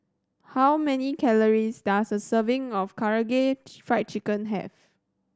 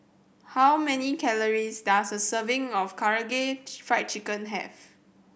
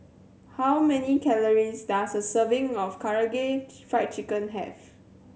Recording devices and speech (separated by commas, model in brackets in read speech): standing microphone (AKG C214), boundary microphone (BM630), mobile phone (Samsung C7100), read sentence